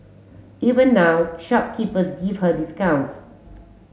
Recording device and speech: mobile phone (Samsung S8), read sentence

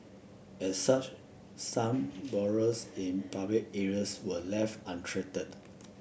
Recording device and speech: boundary microphone (BM630), read sentence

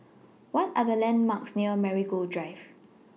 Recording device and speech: mobile phone (iPhone 6), read sentence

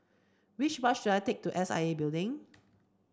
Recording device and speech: standing microphone (AKG C214), read sentence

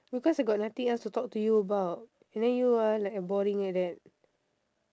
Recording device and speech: standing microphone, conversation in separate rooms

